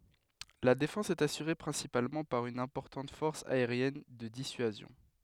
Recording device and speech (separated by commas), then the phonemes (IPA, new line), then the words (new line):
headset microphone, read sentence
la defɑ̃s ɛt asyʁe pʁɛ̃sipalmɑ̃ paʁ yn ɛ̃pɔʁtɑ̃t fɔʁs aeʁjɛn də disyazjɔ̃
La défense est assurée principalement par une importante force aérienne de dissuasion.